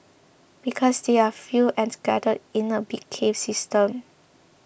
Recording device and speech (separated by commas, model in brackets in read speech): boundary microphone (BM630), read sentence